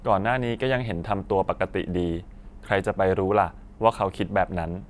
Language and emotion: Thai, neutral